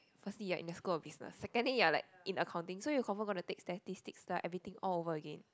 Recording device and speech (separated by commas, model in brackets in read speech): close-talking microphone, conversation in the same room